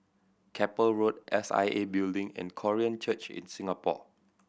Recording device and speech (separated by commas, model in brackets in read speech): boundary microphone (BM630), read sentence